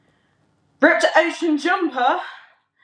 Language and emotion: English, sad